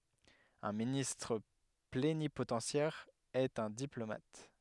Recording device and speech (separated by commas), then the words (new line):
headset microphone, read sentence
Un ministre plénipotentiaire est un diplomate.